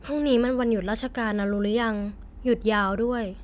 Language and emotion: Thai, neutral